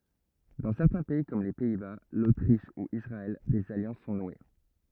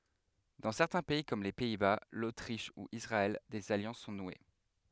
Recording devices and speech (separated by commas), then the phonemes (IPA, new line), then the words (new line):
rigid in-ear microphone, headset microphone, read sentence
dɑ̃ sɛʁtɛ̃ pɛi kɔm le pɛi ba lotʁiʃ u isʁaɛl dez aljɑ̃s sɔ̃ nwe
Dans certains pays, comme les Pays-Bas, l’Autriche ou Israël, des alliances sont nouées.